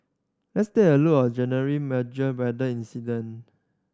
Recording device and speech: standing microphone (AKG C214), read sentence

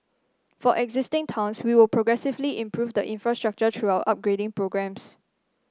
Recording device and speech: standing microphone (AKG C214), read sentence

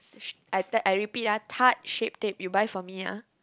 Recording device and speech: close-talking microphone, conversation in the same room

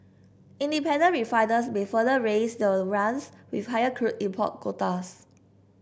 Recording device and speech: boundary microphone (BM630), read sentence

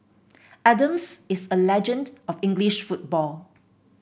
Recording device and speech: boundary microphone (BM630), read sentence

